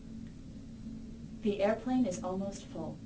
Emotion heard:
neutral